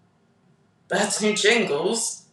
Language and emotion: English, disgusted